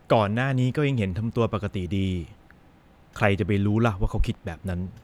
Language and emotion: Thai, frustrated